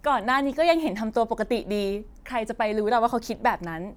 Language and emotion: Thai, neutral